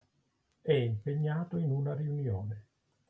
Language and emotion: Italian, neutral